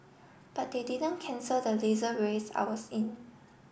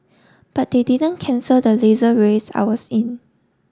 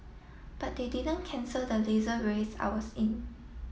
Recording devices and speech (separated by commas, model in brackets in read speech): boundary microphone (BM630), standing microphone (AKG C214), mobile phone (iPhone 7), read sentence